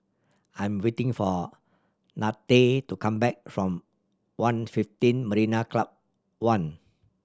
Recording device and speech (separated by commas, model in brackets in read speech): standing microphone (AKG C214), read sentence